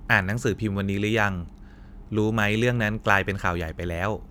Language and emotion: Thai, neutral